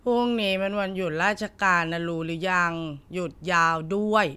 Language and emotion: Thai, frustrated